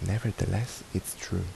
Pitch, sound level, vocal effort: 105 Hz, 73 dB SPL, soft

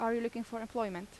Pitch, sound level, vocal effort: 230 Hz, 82 dB SPL, normal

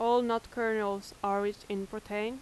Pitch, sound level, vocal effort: 215 Hz, 87 dB SPL, loud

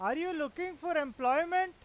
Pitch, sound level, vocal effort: 340 Hz, 100 dB SPL, very loud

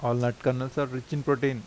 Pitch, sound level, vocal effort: 130 Hz, 86 dB SPL, normal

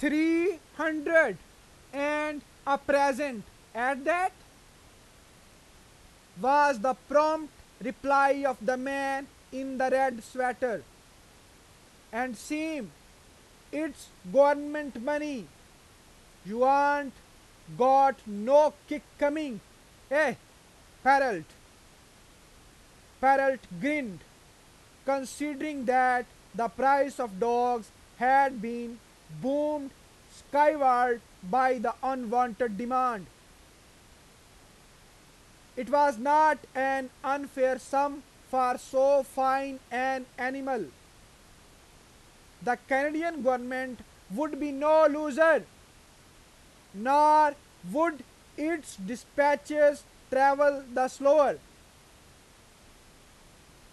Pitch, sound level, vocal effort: 270 Hz, 99 dB SPL, very loud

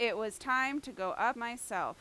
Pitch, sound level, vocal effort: 235 Hz, 93 dB SPL, very loud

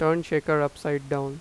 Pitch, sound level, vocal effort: 150 Hz, 89 dB SPL, normal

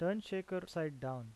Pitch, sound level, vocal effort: 175 Hz, 85 dB SPL, normal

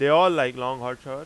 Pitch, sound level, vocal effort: 130 Hz, 99 dB SPL, very loud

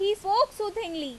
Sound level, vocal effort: 93 dB SPL, very loud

